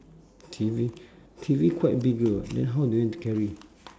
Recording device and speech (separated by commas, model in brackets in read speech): standing microphone, conversation in separate rooms